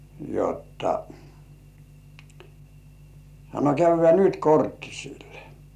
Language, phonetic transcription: Finnish, jotta , sano » 'käyv̆vĕä̀ "nyt 'korttisille « .
- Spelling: jotta sanoi käydään nyt korttisille

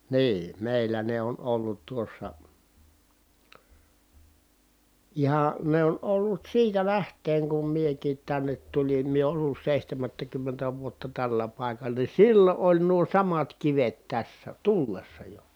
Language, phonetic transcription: Finnish, nii , mèillä ne on ollut tuossa , iha , ne on ollut siitä läht̀eeŋ kum miekiit tännet tulin mie ollus sèihtämättäkymmentä vuotta tällä pài̮kal̀a ni sillo ʼoĺ nuo samat kivet tässä , tullessa jo .
- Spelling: niin meillä ne on ollut tuossa ihan ne on ollut siitä lähtien kun minäkin tänne tulin minä ollut seitsemättäkymmentä vuotta tällä paikalla niin silloin oli nuo samat kivet tässä tullessa jo

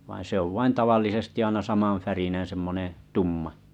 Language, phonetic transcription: Finnish, vain̬ 'se ‿ov vain 'tavallisesti aina 'samaa̰'färineḛ 'semmonè , 'tumma .
- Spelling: vaan se on vain tavallisesti aina samanvärinen semmoinen tumma

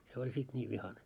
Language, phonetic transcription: Finnish, se oĺ 'sit 'ńiiv 'vihane .
- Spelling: se oli sitten niin vihainen

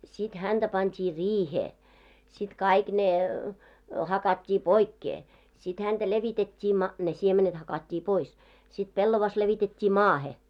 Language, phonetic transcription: Finnish, sit 'hänᴅä 'pant́ii "riihee , sit 'kaik ne , 'hakat́t́ii "poikkee , sit hänᴅä 'levitet́t́ii ma- , ne siemenet 'hakat́t́ii 'pois , sit 'pellovas levitet́t́i "maahe .
- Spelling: sitten häntä pantiin riiheen sitten kaikki ne hakattiin pois sitten häntä levitettiin - ne siemenet hakattiin pois sitten pellava levitettiin maahan

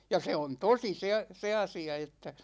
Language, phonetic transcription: Finnish, ja 'se on "tosi 'se a- , 'se 'asi₍a että .
- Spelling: ja se on tosi se - se asia että

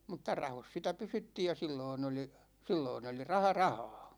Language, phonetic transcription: Finnish, mutta "rahos sitä 'pysyttiij ja 'silloin ‿oli , 'silloin ‿oli "raha "rahaa .
- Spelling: mutta rahoissa sitä pysyttiin ja silloin oli silloin oli raha rahaa

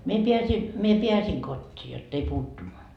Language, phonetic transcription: Finnish, mie piäsi , mie 'piäsiŋ 'kot́t́ii jott ‿ei 'puuttun .
- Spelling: minä pääsin minä pääsin kotiin jotta ei puuttunut

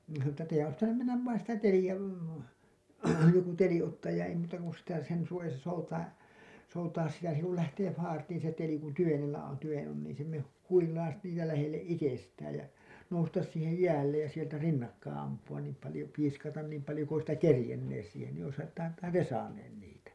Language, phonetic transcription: Finnish, nin ne sano ‿ttä teijän ois pitänym mennäv vain sitä 'telijä , joku 'teli ottaaj ja ei muuta kun sitä sen suojasa soutaa , soutaas sitä se kul lähtee faartiin se teli kun tyvenellä on , tyven on niiḭ se me- , 'huilais niitä lähelle’ ’itestääj ja , noustas siihej 'jäällej ja sieltä 'rinnakkaaa̰ ampu₍am niim palĭjo , piiskatan niim palĭjo ku oisitta "kerĭjennees siihen nii oishan , (oisit)tahan "te "saaneen 'niitä .
- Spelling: niin ne sanoi että teidän olisi pitänyt mennä vain sitä teliä joku teli ottaa ja ei muuta kuin sitä sen suojassa soutaa soutaa sitä se kun lähtee faartiin se teli kun tyvenellä on tyven on niin se - huilaisi niitä lähelle itsestään ja nousta siihen jäälle ja sieltä rinnakkain ampua niin paljon piiskata niin paljon kuin olisitte kerinneet siihen niin olisihan olisittehan te saaneet niitä

